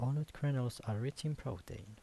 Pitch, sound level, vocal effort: 130 Hz, 76 dB SPL, soft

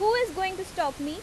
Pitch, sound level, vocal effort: 380 Hz, 92 dB SPL, loud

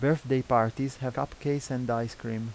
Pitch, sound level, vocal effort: 125 Hz, 84 dB SPL, normal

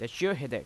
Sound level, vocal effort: 88 dB SPL, loud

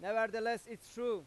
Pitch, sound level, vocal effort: 225 Hz, 100 dB SPL, very loud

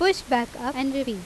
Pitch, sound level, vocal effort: 260 Hz, 87 dB SPL, loud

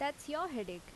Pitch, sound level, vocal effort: 285 Hz, 83 dB SPL, loud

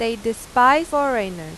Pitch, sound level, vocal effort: 230 Hz, 94 dB SPL, loud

